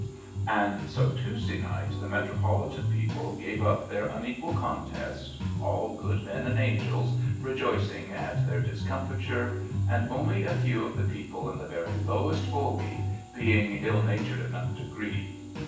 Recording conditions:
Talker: one person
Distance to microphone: 9.8 m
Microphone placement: far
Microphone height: 1.8 m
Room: large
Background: music

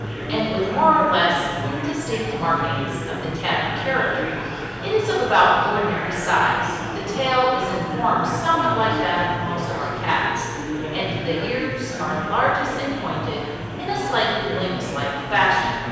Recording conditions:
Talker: one person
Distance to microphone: 7.1 m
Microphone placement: far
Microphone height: 1.7 m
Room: very reverberant, large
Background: babble

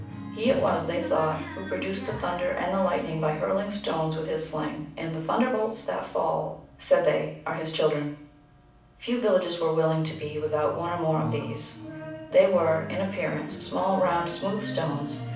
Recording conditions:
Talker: one person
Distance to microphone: 5.8 m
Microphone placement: far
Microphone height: 1.8 m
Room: medium-sized (5.7 m by 4.0 m)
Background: music

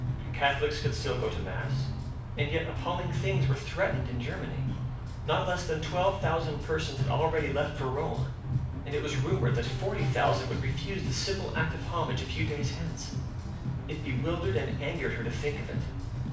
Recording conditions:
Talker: one person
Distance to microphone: 5.8 m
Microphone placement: far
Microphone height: 1.8 m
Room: medium-sized (5.7 m by 4.0 m)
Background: music

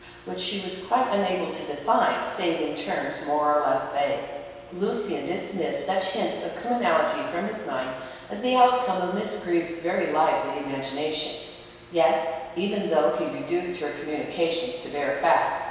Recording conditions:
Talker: one person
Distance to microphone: 1.7 m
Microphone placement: close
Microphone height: 1.0 m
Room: very reverberant, large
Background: none

